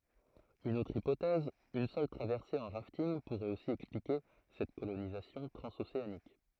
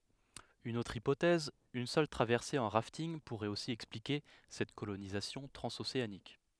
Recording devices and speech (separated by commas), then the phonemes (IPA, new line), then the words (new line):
throat microphone, headset microphone, read sentence
yn otʁ ipotɛz yn sœl tʁavɛʁse ɑ̃ ʁaftinɡ puʁɛt osi ɛksplike sɛt kolonizasjɔ̃ tʁɑ̃zoseanik
Une autre hypothèse, une seule traversée en rafting pourrait aussi expliquer cette colonisation transocéanique.